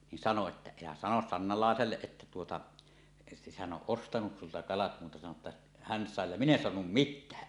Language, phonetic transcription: Finnish, nin sano että » 'elä 'sanos sannalàeselleˀ ˀettä tuota , hän 'ˀoˀ 'ˀostanus sulta kalat muuta sano ‿tta , 'hän 'sàe ja "min ‿en 'soanum "mit̆tää « .
- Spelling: niin sanoi että älä sano Sannalaiselle että tuota hän on ostanut sinulta kalat muuta sano että hän sai ja minä en saanut mitään

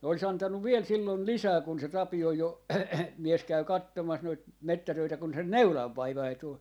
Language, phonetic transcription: Finnish, ne olis 'antannuv "viel sillon "lisää kun se 'Tapioj 'jo - 'mies 'käy "kattomas noit , 'mettätöitä kun sen "neulav'vaivai 'tul .
- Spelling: ne olisi antanut vielä silloin lisää kun se Tapion jo mies kävi katsomassa noita metsätöitä kun sen neulanvaivainen tuli

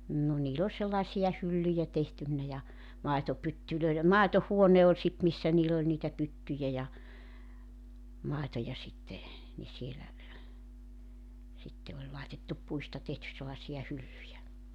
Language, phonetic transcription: Finnish, 'nno niil ‿ol sellaᵉsi₍a 'hyllyjä 'tehtynnä ja , 'maetopyttylöi̬lem "màeto'huone oĺ sit 'missä niill ‿oĺ niitä 'pyttyjä ja , 'màetoja sitte , ni 'sielä , sitte oĺ 'laitettup 'puista 'tehtys̆ sellaᵉsi₍a 'hyllyjä .
- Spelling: no niillä oli sellaisia hyllyjä tehtynä ja maitopytyille maitohuone oli sitten missä niillä oli niitä pyttyjä ja maitoja sitten niin siellä sitten oli laitettu puista tehty sellaisia hyllyjä

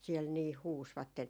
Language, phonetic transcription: Finnish, siɛl niih "huusvatten .
- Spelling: siellä niin huusivat

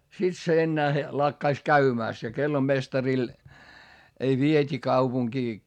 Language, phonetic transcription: Finnish, sit se ennäähe , lakkais käymä̀st - ja kellomestaril , ei viet́i kaupuŋkii .
- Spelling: sitten se enää lakkasi käymästä ja kellomestarille ei vietiin kaupunkiin

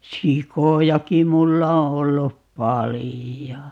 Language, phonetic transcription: Finnish, "sikojaki 'mulla o 'ollup "palijo .
- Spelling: sikojakin minulla on ollut paljon

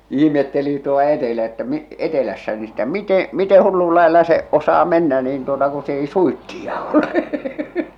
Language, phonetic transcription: Finnish, 'ihmetteli tuoʟᴀ 'etelä- että , 'etelässä ni stä 'mite , 'mite 'hullul laella se , 'osaa mennä niin tuota ku s ‿ei "suitti₍a ole .
- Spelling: ihmetteli tuolla - että etelässä niin sitä miten miten hullun lailla se osaa mennä niin tuota kun se ei suitsia ole

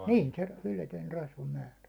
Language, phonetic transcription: Finnish, niin se , yletöin 'rasva'määrä .
- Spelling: niin se yletön rasvamäärä

